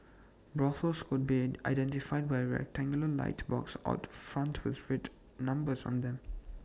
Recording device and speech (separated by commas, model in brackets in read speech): standing microphone (AKG C214), read sentence